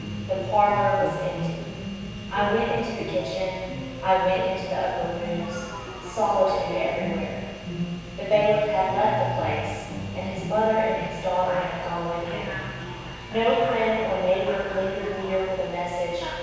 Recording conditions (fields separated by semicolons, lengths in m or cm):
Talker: one person; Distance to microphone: 7.1 m; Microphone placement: far; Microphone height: 1.7 m; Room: very reverberant, large; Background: television